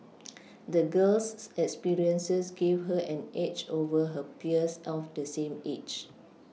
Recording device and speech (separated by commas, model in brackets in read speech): mobile phone (iPhone 6), read sentence